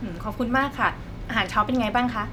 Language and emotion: Thai, happy